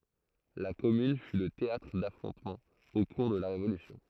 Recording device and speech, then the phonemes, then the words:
throat microphone, read sentence
la kɔmyn fy lə teatʁ dafʁɔ̃tmɑ̃z o kuʁ də la ʁevolysjɔ̃
La commune fut le théâtre d'affrontements au cours de la Révolution.

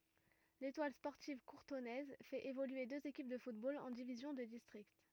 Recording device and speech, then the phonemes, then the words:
rigid in-ear microphone, read sentence
letwal spɔʁtiv kuʁtɔnɛz fɛt evolye døz ekip də futbol ɑ̃ divizjɔ̃ də distʁikt
L'Étoile sportive courtonnaise fait évoluer deux équipes de football en divisions de district.

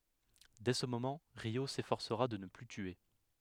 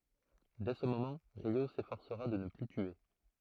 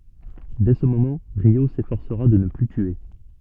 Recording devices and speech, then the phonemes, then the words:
headset microphone, throat microphone, soft in-ear microphone, read sentence
dɛ sə momɑ̃ ʁjo sefɔʁsəʁa də nə ply tye
Dès ce moment, Ryô s'efforcera de ne plus tuer.

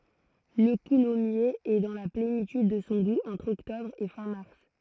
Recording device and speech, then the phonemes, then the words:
throat microphone, read sentence
lə kulɔmjez ɛ dɑ̃ la plenityd də sɔ̃ ɡu ɑ̃tʁ ɔktɔbʁ e fɛ̃ maʁs
Le coulommiers est dans la plénitude de son goût entre octobre et fin mars.

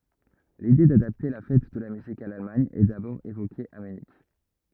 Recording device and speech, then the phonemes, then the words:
rigid in-ear microphone, read sentence
lide dadapte la fɛt də la myzik a lalmaɲ ɛ dabɔʁ evoke a mynik
L'idée d'adapter la Fête de la musique à l'Allemagne est d'abord évoquée à Munich.

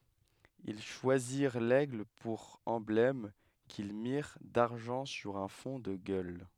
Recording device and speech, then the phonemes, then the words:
headset microphone, read sentence
il ʃwaziʁ lɛɡl puʁ ɑ̃blɛm kil miʁ daʁʒɑ̃ syʁ œ̃ fɔ̃ də ɡœl
Ils choisirent l'aigle pour emblème, qu'ils mirent d'argent sur un fond de gueules.

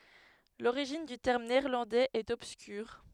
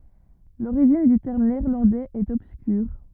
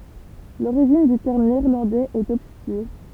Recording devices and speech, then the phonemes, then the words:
headset microphone, rigid in-ear microphone, temple vibration pickup, read sentence
loʁiʒin dy tɛʁm neɛʁlɑ̃dɛz ɛt ɔbskyʁ
L'origine du terme néerlandais est obscure.

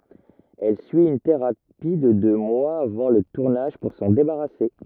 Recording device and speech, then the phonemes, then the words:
rigid in-ear microphone, read sentence
ɛl syi yn teʁapi də dø mwaz avɑ̃ lə tuʁnaʒ puʁ sɑ̃ debaʁase
Elle suit une thérapie de deux mois avant le tournage pour s'en débarrasser.

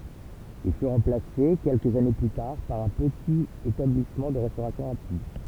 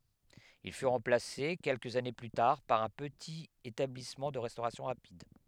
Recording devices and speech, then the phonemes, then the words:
temple vibration pickup, headset microphone, read sentence
il fy ʁɑ̃plase kɛlkəz ane ply taʁ paʁ œ̃ pətit etablismɑ̃ də ʁɛstoʁasjɔ̃ ʁapid
Il fut remplacé quelques années plus tard par un petit établissement de restauration rapide.

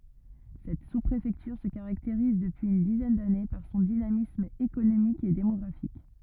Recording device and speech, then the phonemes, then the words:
rigid in-ear microphone, read sentence
sɛt suspʁefɛktyʁ sə kaʁakteʁiz dəpyiz yn dizɛn dane paʁ sɔ̃ dinamism ekonomik e demɔɡʁafik
Cette sous-préfecture se caractérise, depuis une dizaine d'années, par son dynamisme économique et démographique.

